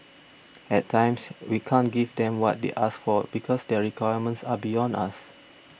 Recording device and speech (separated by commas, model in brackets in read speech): boundary microphone (BM630), read sentence